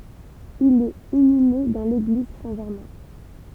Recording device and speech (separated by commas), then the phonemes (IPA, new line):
temple vibration pickup, read sentence
il ɛt inyme dɑ̃ leɡliz sɛ̃ ʒɛʁmɛ̃